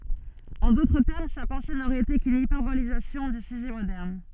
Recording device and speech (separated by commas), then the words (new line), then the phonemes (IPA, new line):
soft in-ear microphone, read sentence
En d'autres termes, sa pensée n'aurait été qu'une hyperbolisation du sujet moderne.
ɑ̃ dotʁ tɛʁm sa pɑ̃se noʁɛt ete kyn ipɛʁbolizasjɔ̃ dy syʒɛ modɛʁn